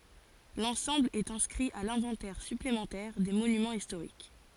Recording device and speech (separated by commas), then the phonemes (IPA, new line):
forehead accelerometer, read sentence
lɑ̃sɑ̃bl ɛt ɛ̃skʁi a lɛ̃vɑ̃tɛʁ syplemɑ̃tɛʁ de monymɑ̃z istoʁik